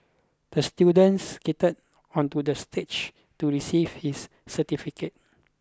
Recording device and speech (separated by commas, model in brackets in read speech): close-talking microphone (WH20), read sentence